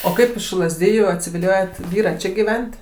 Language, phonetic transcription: Lithuanian, o ˈkaip iš lazˈdijų atsiviˈliojot ˈvyra ˈči gyˈven't'

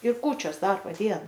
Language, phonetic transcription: Lithuanian, ir ˈkūčios ˈdarbo ˈdiena

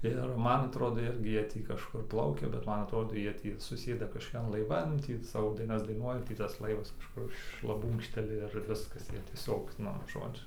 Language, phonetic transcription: Lithuanian, ir ˈman atˈrodo ˈirgi ˈjie ˈtį kažˈkur ˈplaukia bet ˈman atˈrodo ˈjie tį suˈsėda kažkoˈkian laiˈvan ˈtį ˈsavo ˈdainas daiˈnuoja ˈtį tas ˈlaivas kažˈkur šlaˈbūnkšteli ir ˈviskas ˈjie tieˈsiog ˈnu ˈžodžiu

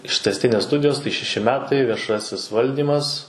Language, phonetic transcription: Lithuanian, ištesˈtinės ˈstudijos tai šeˈši ˈmetai vieˈšasis ˈvaldymas

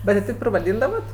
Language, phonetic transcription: Lithuanian, ˈbet ti ˈteip ir vaˈdyndavat

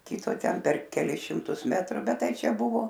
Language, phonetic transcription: Lithuanian, ˈkito ˈten per keˈlis šimˈtus metˈru ˈbet ˈtai ˈčia ˈbuvo

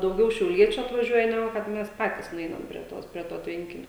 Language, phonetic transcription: Lithuanian, dauˈgiau šiauˈliečiu atvaˈžiuoja neˈgu kad ˈmes ˈpatys nuˈeinam prie ˈtos prie ˈto ˈtvenkinio

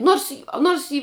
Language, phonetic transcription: Lithuanian, ˈnors ˈnors i

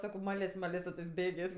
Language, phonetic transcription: Lithuanian, ˈsako ˈmalės' ˈmalės su tɜs ˈbėgės'

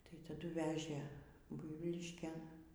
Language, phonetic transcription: Lithuanian, tai taˈdu ˈvežė ˈbuivyliškėn

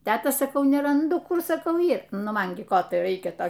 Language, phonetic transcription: Lithuanian, ˈteta saˈkau neranˈdu ˈkur saˈkau ˈyr ˈnu ˈman gi ˈko tai ˈraikia ˈto

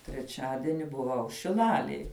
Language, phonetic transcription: Lithuanian, treˈčiadieni buˈvau šiˈlalėj

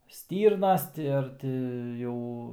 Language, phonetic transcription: Lithuanian, ˈstyrnas ˈti ar ti ˈjau

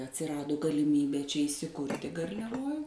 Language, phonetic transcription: Lithuanian, atsiˈradu galiˈmybė čia įsiˈkurti garliaˈvoj

